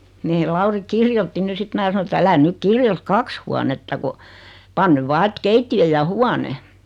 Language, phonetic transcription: Finnish, 'mee 'Lauri "kirjotti ny 'sit 'mää sano et » älä 'nyk 'kirjot "kaks huanetta ko , 'pan ‿nyv 'vaa et "keittiʲö ja "huane « .
- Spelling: meidän Lauri kirjoitti nyt sitten minä sanoin että älä nyt kirjoita kaksi huonetta kun pane nyt vain että keittiö ja huone

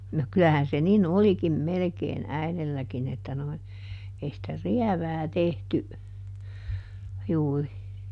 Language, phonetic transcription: Finnish, no ˈkylähän se "nin "olikim ˈmelekeen ˈäilelläkin että noi , ei sⁱtä "riävää ˈtehty , ˈjuuri .
- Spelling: no kyllähän se niin olikin melkein äidilläkin että nuo ei sitä rievää tehty juuri

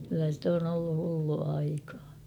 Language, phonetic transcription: Finnish, kyllä sⁱt ‿on ‿ollu 'hullua 'aikaa .
- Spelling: kyllä se on ollut hullua aikaa

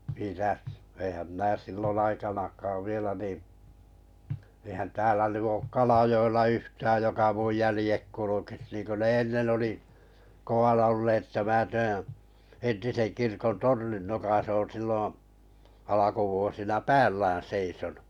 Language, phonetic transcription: Finnish, mitäs , eⁱhäm minä 'sillon 'aikanak̀aav 'vielä nì , eⁱhän 'täälä 'ny ook Kalajo₍ella 'yhtääj joka muj jälĭjek 'kulukis niinkö 'ne ennen oli , koʷana olleet että mää 'täää̰ , 'entisen 'kirkon "tornin nokas ‿'oon̬ silloo̰ , 'alakuvuosina "päällään 'seisonu .
- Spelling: mitäs eihän minä silloin aikanakaan vielä niin eihän täällä nyt ole Kalajoella yhtään joka minun jäljet kulkisi niin kuin ne ennen oli kovana olleet että minä tämän entisen kirkon tornin nokassa olen silloin alkuvuosina päällään seisonut

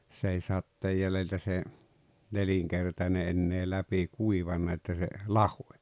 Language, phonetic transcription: Finnish, s ‿ei 'satteej jäleltä se , 'neliŋkertane ennee "läpi "kuivanna että se , "lahoe .
- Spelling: se ei sateen jäljiltä se nelinkertainen enää läpi kuivanut että se lahosi

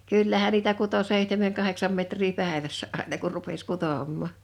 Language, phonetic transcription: Finnish, 'kỳllähän niitä kuto 'sèihtemeŋ 'kaheksam metrii 'pä̀evässä ’àena kur 'rupes 'kutòmmà .
- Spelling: kyllähän niitä kutoi seitsemän kahdeksan metriä päivässä aina kun rupesi kutomaan

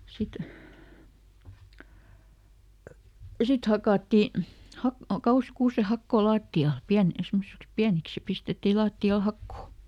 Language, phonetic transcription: Finnish, ˈsit , ja "sit hakàtti , ˈha- , ˈkauhi₍ᵃst ˈkuuseˈhakkoo "laatti₍al , ˈpiän- ˈsemmosiks "piäniks ja ˈpistetti ˈlaatti₍al "hakkò .
- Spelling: sitten ja sitten hakattiin - kauheasti kuusenhakoa lattialle - semmoisiksi pieniksi ja pistettiin lattialle hakoa

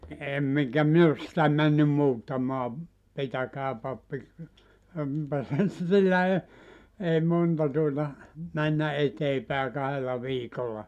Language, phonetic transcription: Finnish, 'em eŋkä 'min ‿os sⁱtä 'männym "muuttamaa , 'pitäkää 'pappi , (empä ei) 'sillä 'e , 'ei 'monta tuota , 'männä "etee pä̀e 'kahella 'viikolla .
- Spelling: en enkä minä ole sitä mennyt muuttamaan pitäkää pappi enpä ei sillä ei ei monta tuota mennä eteen päin kahdella viikolla

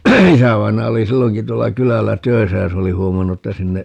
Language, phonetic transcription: Finnish, 'isävainaja oli "silloŋki 'tuolla "kylällä "töi̮sä ja 'se oli 'huomannu ‿ttä 'sinne ,.
- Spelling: isävainaja oli silloinkin tuolla kylällä töissä ja se oli huomannut että sinne

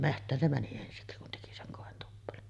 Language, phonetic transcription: Finnish, "meht̆tään se 'mäni ensiksi kun teki 'seŋ 'kòentuppelon .
- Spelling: metsään se meni ensiksi kun teki sen kointuppelon

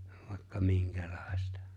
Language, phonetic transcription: Finnish, vài̬kka 'miŋkᴀ̈ʟᴀ̀ɪ̬stᴀ .
- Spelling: vaikka minkälaista

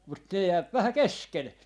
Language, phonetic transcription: Finnish, 'mut ne 'jääp "vähä "kesken .
- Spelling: mutta ne jää vähän kesken

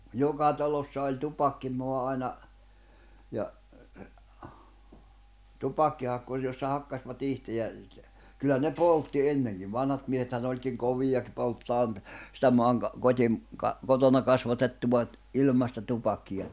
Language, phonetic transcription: Finnish, 'joka talossa oĺ 'tupakkimoa aina , ja , 'tupakkihakkuŕ jossa 'hakkasvat 'ihte ja , 'kyllä ne "poltti 'enneŋkiv 'vanhat miehethän ‿oĺkiŋ "kovijak- polttaan , sⁱtä 'moaŋka- , 'kot́im- , ka- , 'kotona 'kasvatettuva , 'ilmasta tupakkija .
- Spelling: joka talossa oli tupakkia aina ja tupakkihakkuri jossa hakkasivat itse ja kyllä ne poltti ennenkin vanhat miehethän olikin kovia polttamaan sitä - - - kotona kasvatettua ilmaista tupakkia

